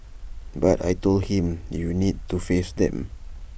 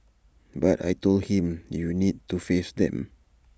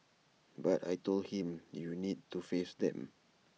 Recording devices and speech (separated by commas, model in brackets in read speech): boundary microphone (BM630), standing microphone (AKG C214), mobile phone (iPhone 6), read sentence